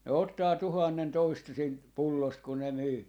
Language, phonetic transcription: Finnish, ne 'ottaa 'tuhannen 'toista siint "pullost ku ne 'myy .
- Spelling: ne ottaa tuhannen toista siitä pullosta kun ne myy

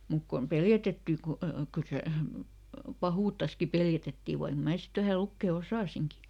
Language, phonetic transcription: Finnish, muk kom ˈpeljätettì ku , kyl ˈse , "pahuuttaski ˈpeljätettì vaik ˈmää ˈsit ˈvähä ˈlukkè "osàsiŋki .
- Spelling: mutta kun peljätettiin kun kyllä se pahuuttaankin peljätettiin vaikka minä sitten vähän lukea osasinkin

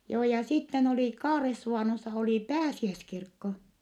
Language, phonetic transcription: Finnish, joo ja sitten ‿oli Kaaressuvànossa oli pääsiäskirkko .
- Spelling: joo ja sitten oli Kaaresuvannossa oli pääsiäiskirkko

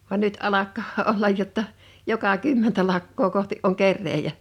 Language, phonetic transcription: Finnish, van 'nyt 'alakkaa 'ollaj jotta , 'joka "kymmentä lakkoo kohti’ ’oŋ 'kerreejä .
- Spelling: vaan nyt alkaa olla jotta joka kymmentä lakkaa kohti on kerääjä

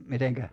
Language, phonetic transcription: Finnish, 'miteŋkä ?
- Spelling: miten

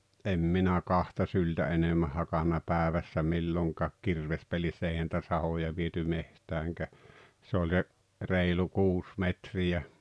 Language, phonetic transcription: Finnish, em minä "kahta syltä 'enemmäh hakanna "pääᵉvässä 'milloŋkaak 'kirvespelissä eihä ‿ntä 'sahoja viety 'mehtääŋkä , se ‿oĺ se , 'reilu "kuus 'metri₍ä .
- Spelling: en minä kahta syltä enemmän hakannut päivässä milloinkaan kirvespelissä eihän entä sahoja viety metsäänkään se oli se reilu kuusi metriä

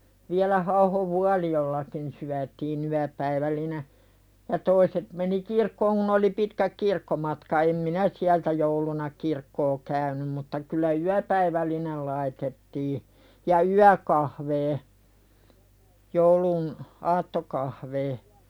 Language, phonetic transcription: Finnish, viälä Hauhov "Vualijollakin syätii'n ‿yäpäivälline , ja 'toiset meni "kirkkooŋ kun ‿oli 'pitkäk "kirkkomatka em "minä siältä 'jouluna "kirkkoo käynym mutta kyllä "yäpäivällinel laitettii , ja "yäkahvee , joulun , 'aattokahvee .
- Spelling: vielä Hauhon Vuolijoellakin syötiin yöpäivällinen ja toiset meni kirkkoon kun oli pitkät kirkkomatka en minä sieltä jouluna kirkkoa käynyt mutta kyllä yöpäivällinen laitettiin ja yökahveja joulun aattokahveja

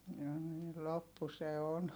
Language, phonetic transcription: Finnish, ja niil loppu se on .
- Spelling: ja niin loppu se on

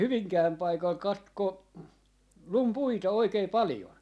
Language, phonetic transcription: Finnish, "Hyviŋkääm 'paikal "katko , "lum "puita 'oikei 'palⁱjon .
- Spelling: Hyvinkään paikalla katkoi lumi puita oikein paljon

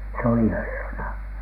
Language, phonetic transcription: Finnish, se oli "herrana .
- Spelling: se oli herrana

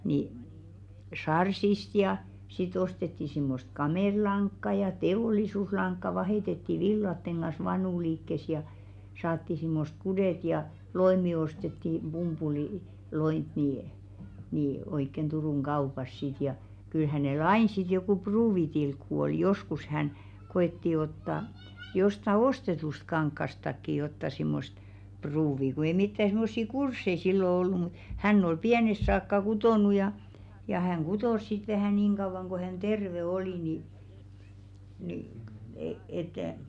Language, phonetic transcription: Finnish, ni , "sarsist ja , si't ‿ostetti simmost "kamèðlaŋkka ja "te₍òlisuslaŋkka 'vahètetti "villatteŋ ɢan̬s 'vanùliikkes ja , 'saatti simmosᵗ "kudèt ja , 'loe̳§mi ostetti , 'ʙumpuli- -'loint nii , ni 'oikken 'Durùŋ "ɢaupas sit ja , kyl 'hänèl "ain sit jokù 'pruuvitilkku oi "joskus hän , 'ɢo₍etti otta , josta "ostetust 'kaŋkkastakki jotta simmost 'pruuvi ku ei 'mittä simmossi "kurssei sillo ollu mut , 'hänn ‿ol "piänesᵗ saakka 'kutònu ja , ja 'häŋ "ɢutòs sit vähä̀ 'niiŋ ɢauvaŋ ko hän "terve 'oli ni , nì e- et .
- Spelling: niin sarssista ja sitten ostettiin semmoista kamelilankaa ja teollisuuslankaa vaihdettiin villojen kanssa vanuliikkeessä ja saatiin semmoiset kuteet ja loimi ostettiin - pumpuliloimea niin niin oikein Turun kaupassa sitten ja kyllä hänellä aina sitten joku pruuvitilkku oli joskus hän koetti ottaa jostakin ostetusta kankaastakin jotakin semmoista pruuvia kun ei mitään semmoisia kursseja silloin ollut mutta hän oli pienestä saakka kutonut ja ja hän kutoi sitten vähän niin kauan kuin hän terve oli niin niin - että

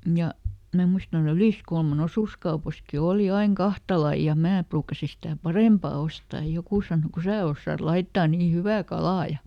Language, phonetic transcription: Finnish, ˈja , mä ˈmuistan tua"ˡ ‿Yliskulma"n ‿osuskaupaski ˈòli ˈaiŋ "kahta lai ja ˈmää pruukasi sitä̀ "parèmpa ostaaj ja ˈjokù sàno » ku ˈsää ossaat ˈlaittaa nii ˈhyvä "kalaa » ja ,.
- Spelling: ja minä muistan tuolla Yliskulman osuuskaupassakin oli aina kahta lajia ja minäkin ruukasin sitä parempaa ostaa ja joku sanoi kun sinä osaat laittaa niin hyvää kalaa ja

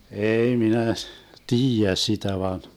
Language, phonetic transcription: Finnish, 'eei 'minä , "tiijä 'sitä van .
- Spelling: ei minä tiedä sitä vain

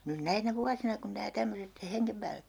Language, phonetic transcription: Finnish, nyn "näinä "vuasina kun nää 'tämmöset , (että) 'heŋkem päällek kä .
- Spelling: nyt näinä vuosina kun nämä tämmöiset että hengen päälle käydään

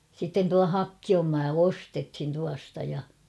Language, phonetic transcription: Finnish, sitten tua "Hakkiom maa "ostethin 'tuasta ja .
- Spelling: sitten tuo Hakkion maa ostettiin tuosta ja

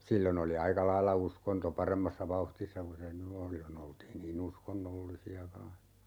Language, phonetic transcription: Finnish, 'sillon ‿oli 'aika "lailla 'uskonto 'paremmassa 'vauhtissa ku se "ny o(n 'sillo'n) ‿oltiin nii"n ‿uskonnollisi₍a kaan̬s .
- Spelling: silloin oli aika lailla uskonto paremmassa vauhdissa kuin se nyt on silloin oltiin niin uskonnollisia kanssa

